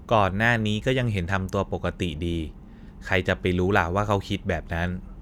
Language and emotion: Thai, neutral